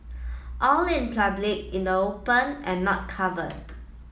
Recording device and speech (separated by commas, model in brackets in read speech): mobile phone (iPhone 7), read sentence